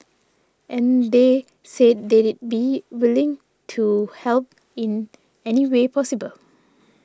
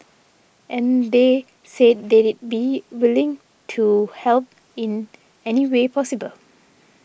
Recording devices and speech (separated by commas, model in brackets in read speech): standing microphone (AKG C214), boundary microphone (BM630), read sentence